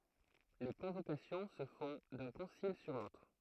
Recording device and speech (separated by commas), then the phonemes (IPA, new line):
throat microphone, read sentence
le kɔ̃vokasjɔ̃ sə fɔ̃ dœ̃ kɔ̃sil syʁ lotʁ